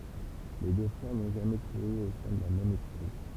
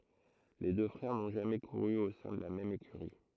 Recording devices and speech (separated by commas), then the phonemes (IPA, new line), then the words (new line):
temple vibration pickup, throat microphone, read sentence
le dø fʁɛʁ nɔ̃ ʒamɛ kuʁy o sɛ̃ də la mɛm ekyʁi
Les deux frères n'ont jamais couru au sein de la même écurie.